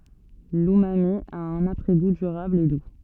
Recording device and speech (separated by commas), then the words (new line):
soft in-ear microphone, read sentence
L’umami a un après-goût durable et doux.